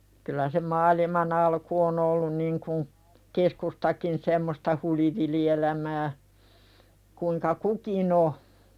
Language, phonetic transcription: Finnish, kylä se "maaliman ‿alku on 'ollun niŋkun , "keskustakin semmosta 'hulivili₍elämää , 'kuiŋka "kukin ‿o .
- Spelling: kyllä se maailman alku on ollut niin kuin keskustakin semmoista hulivilielämää kuinka kukin on

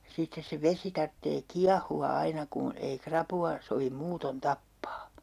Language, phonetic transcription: Finnish, 'sittes se "vesi tarttee 'kiahu₍a 'aina ku , ei 'krapu₍a , sovim 'muuton "tappaa .
- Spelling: sitten se vesi tarvitsee kiehua aina kun ei rapua sovi muuten tappaa

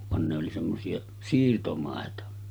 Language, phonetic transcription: Finnish, van ne oli semmosi₍a , 'siirtomàeta .
- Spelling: vaan ne oli semmoisia siirtomaita

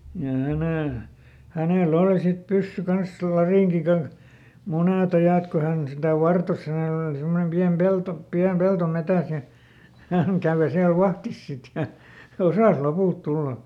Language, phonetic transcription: Finnish, ja ˈhänè , ˈhänè"l ‿oli sit ˈpyssy ˈkans , ˈlarìŋki ˈkanh , "munèˈt ‿ajàt ko ˈhän sitä "vartos ˈhänèl ‿oli simmonem ˈpiäm "pelto , ˈpiäm ˈpelto ˈmetä̀s ja , ˈhäŋ kä̀vö siäl "vahtis ˈsit ja , "osàs ˈlopùlt ˈtulla .
- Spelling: ja hänen hänellä oli sitten pyssy kanssa latinki kanssa monet ajat kun hän sitä vartosi hänellä oli semmoinen pieni pelto pieni pelto metsässä ja hän kävi siellä vahdissa sitten ja osasi lopulta tulla

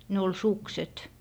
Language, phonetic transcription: Finnish, ne ol "sukset .
- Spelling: ne oli sukset

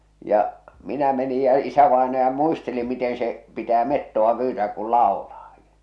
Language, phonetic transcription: Finnish, ja , 'minä meni ja 'isävaenaja 'muisteli miten̬ se , 'pitää 'mettova pyytääk kul 'laolaa .
- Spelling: ja minä menin ja isävainaja muisteli miten se pitää metsoa pyytää kun laulaa

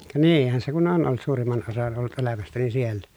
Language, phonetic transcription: Finnish, ka niihän se kun on ʼolt suurimman osan ollut ʼelämästäni siellä .
- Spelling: ka niinhän se kun on ollut suurimman osan ollut elämästäni siellä

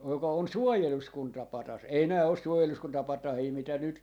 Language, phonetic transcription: Finnish, joka on "suojeluskunta"patas , 'ei 'nää os "suojeluskuntapat̆tahii mitä 'nyt , .
- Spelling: joka on suojeluskuntapatsas ei nämä ole suojeluskuntapatsaita mitä nyt

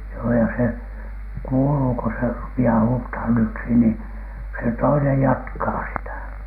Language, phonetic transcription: Finnish, joo ja se , "kuuluu ko 'se rupi₍aa "huuthan 'yksi nì , se 'toinej "jatkaa sitä .
- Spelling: joo ja se kuuluu kun se rupeaa huutamaan yksi niin se toinen jatkaa sitä

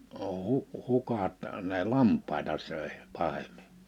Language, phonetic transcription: Finnish, ò huk- , 'hukat ne "lamp̀aeta sö̀e , 'pahem̆mɪ .
- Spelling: - - hukat ne lampaita söi pahemmin

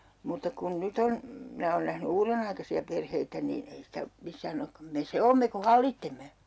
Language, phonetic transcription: Finnish, 'mutta kun 'nyt ‿on , 'minä oon nähny "uurenaikasi₍a perheitä niin 'ei sitä , 'missää'n ‿okkam » 'me "se oomme ku "hallittemme !
- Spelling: mutta kun nyt on minä olen nähnyt uudenaikaisia perheitä niin ei sitä missään olekaan me se olemme kun hallitsemme

